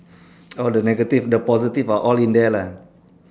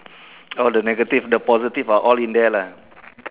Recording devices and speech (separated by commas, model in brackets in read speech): standing microphone, telephone, conversation in separate rooms